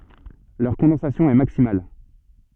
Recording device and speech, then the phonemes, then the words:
soft in-ear microphone, read sentence
lœʁ kɔ̃dɑ̃sasjɔ̃ ɛ maksimal
Leur condensation est maximale.

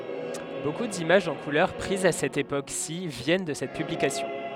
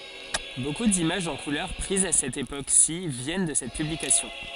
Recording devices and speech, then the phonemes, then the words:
headset microphone, forehead accelerometer, read sentence
boku dimaʒz ɑ̃ kulœʁ pʁizz a sɛt epoksi vjɛn də sɛt pyblikasjɔ̃
Beaucoup d'images en couleurs prises à cette époque-ci viennent de cette publication.

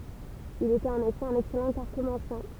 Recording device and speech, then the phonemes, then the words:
temple vibration pickup, read sentence
il etɛt ɑ̃n efɛ œ̃n ɛksɛlɑ̃ kaʁtomɑ̃sjɛ̃
Il était en effet un excellent cartomancien.

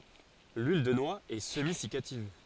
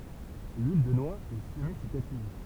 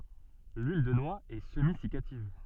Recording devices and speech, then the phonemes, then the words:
forehead accelerometer, temple vibration pickup, soft in-ear microphone, read sentence
lyil də nwa ɛ səmizikativ
L'huile de noix est semi-siccative.

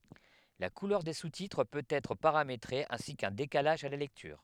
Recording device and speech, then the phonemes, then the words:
headset microphone, read sentence
la kulœʁ de sustitʁ pøt ɛtʁ paʁametʁe ɛ̃si kœ̃ dekalaʒ a la lɛktyʁ
La couleur des sous-titres peut être paramétrée ainsi qu’un décalage à la lecture.

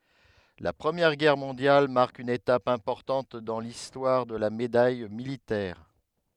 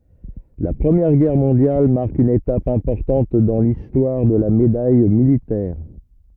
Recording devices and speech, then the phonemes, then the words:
headset microphone, rigid in-ear microphone, read sentence
la pʁəmjɛʁ ɡɛʁ mɔ̃djal maʁk yn etap ɛ̃pɔʁtɑ̃t dɑ̃ listwaʁ də la medaj militɛʁ
La Première Guerre mondiale marque une étape importante dans l’histoire de la Médaille militaire.

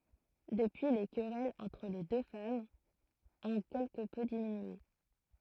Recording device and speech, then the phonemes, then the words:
throat microphone, read sentence
dəpyi le kʁɛlz ɑ̃tʁ le dø famz ɔ̃ kɛlkə pø diminye
Depuis les querelles entre les deux femmes ont quelque peu diminué.

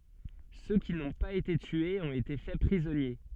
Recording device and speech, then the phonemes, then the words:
soft in-ear microphone, read sentence
sø ki nɔ̃ paz ete tyez ɔ̃t ete fɛ pʁizɔnje
Ceux qui n'ont pas été tués ont été faits prisonniers.

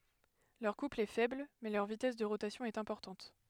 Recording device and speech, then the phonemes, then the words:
headset microphone, read sentence
lœʁ kupl ɛ fɛbl mɛ lœʁ vitɛs də ʁotasjɔ̃ ɛt ɛ̃pɔʁtɑ̃t
Leur couple est faible, mais leur vitesse de rotation est importante.

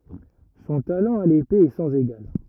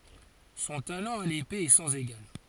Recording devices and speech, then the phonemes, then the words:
rigid in-ear microphone, forehead accelerometer, read sentence
sɔ̃ talɑ̃ a lepe ɛ sɑ̃z eɡal
Son talent à l'épée est sans égal.

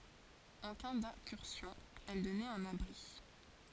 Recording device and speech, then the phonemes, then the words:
forehead accelerometer, read sentence
ɑ̃ ka dɛ̃kyʁsjɔ̃ ɛl dɔnɛt œ̃n abʁi
En cas d'incursion, elle donnait un abri.

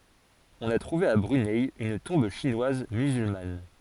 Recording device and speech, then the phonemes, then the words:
forehead accelerometer, read sentence
ɔ̃n a tʁuve a bʁynɛ yn tɔ̃b ʃinwaz myzylman
On a trouvé à Brunei une tombe chinoise musulmane.

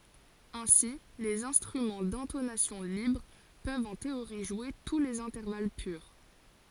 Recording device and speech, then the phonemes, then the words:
forehead accelerometer, read sentence
ɛ̃si lez ɛ̃stʁymɑ̃ dɛ̃tonasjɔ̃ libʁ pøvt ɑ̃ teoʁi ʒwe tu lez ɛ̃tɛʁval pyʁ
Ainsi les instruments d'intonation libre peuvent en théorie jouer tous les intervalles purs.

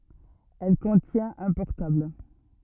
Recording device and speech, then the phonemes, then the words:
rigid in-ear microphone, read sentence
ɛl kɔ̃tjɛ̃t œ̃ pɔʁtabl
Elle contient un portable.

